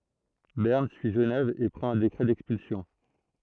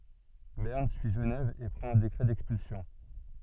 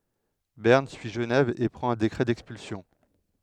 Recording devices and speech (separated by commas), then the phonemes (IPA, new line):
throat microphone, soft in-ear microphone, headset microphone, read sentence
bɛʁn syi ʒənɛv e pʁɑ̃t œ̃ dekʁɛ dɛkspylsjɔ̃